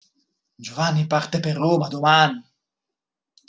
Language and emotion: Italian, angry